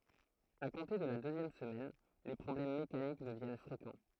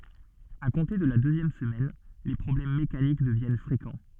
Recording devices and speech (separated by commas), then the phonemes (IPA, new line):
throat microphone, soft in-ear microphone, read sentence
a kɔ̃te də la døzjɛm səmɛn le pʁɔblɛm mekanik dəvjɛn fʁekɑ̃